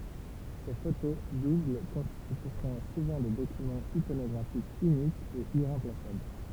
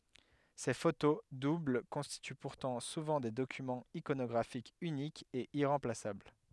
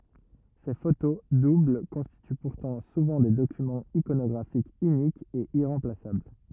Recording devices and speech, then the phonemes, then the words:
temple vibration pickup, headset microphone, rigid in-ear microphone, read sentence
se foto dubl kɔ̃stity puʁtɑ̃ suvɑ̃ de dokymɑ̃z ikonɔɡʁafikz ynikz e iʁɑ̃plasabl
Ces photos doubles constituent pourtant souvent des documents iconographiques uniques et irremplaçables.

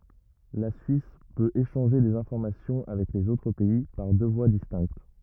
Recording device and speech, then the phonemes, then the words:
rigid in-ear microphone, read sentence
la syis pøt eʃɑ̃ʒe dez ɛ̃fɔʁmasjɔ̃ avɛk lez otʁ pɛi paʁ dø vwa distɛ̃kt
La Suisse peut échanger des informations avec les autres pays par deux voies distinctes.

